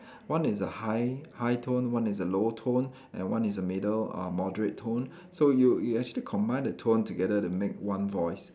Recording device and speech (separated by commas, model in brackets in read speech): standing microphone, conversation in separate rooms